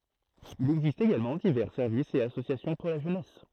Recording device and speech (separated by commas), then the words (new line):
throat microphone, read sentence
Il existe également divers services et associations pour la jeunesse.